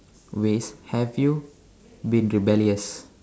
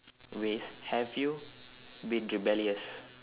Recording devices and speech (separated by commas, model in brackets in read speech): standing microphone, telephone, conversation in separate rooms